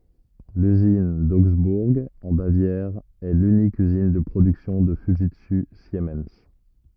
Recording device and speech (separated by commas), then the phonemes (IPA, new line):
rigid in-ear microphone, read sentence
lyzin doɡzbuʁ ɑ̃ bavjɛʁ ɛ lynik yzin də pʁodyksjɔ̃ də fyʒitsy simɛn